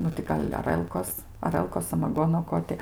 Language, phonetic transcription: Lithuanian, ˈnu ti ˈgal' aˈrəlkos aˈrəlkos samaˈgono ˈko ti

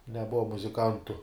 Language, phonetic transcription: Lithuanian, neˈbuva muziˈkantu

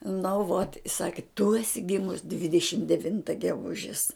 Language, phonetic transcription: Lithuanian, nu vot i ˈsaki tu eˈsi ˈgimus dvideˈšim deˈvinta geˈgužis

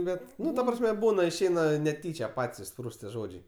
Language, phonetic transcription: Lithuanian, ˈbet ˈnu ta ˈprasme ˈbūna išˈeina neˈtyčia ˈpat's' išˈsprūst tie ˈžodžiai

